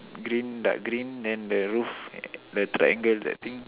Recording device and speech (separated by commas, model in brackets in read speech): telephone, conversation in separate rooms